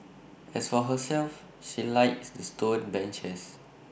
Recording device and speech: boundary microphone (BM630), read sentence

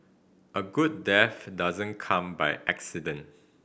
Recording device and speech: boundary microphone (BM630), read sentence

